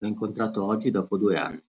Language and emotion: Italian, neutral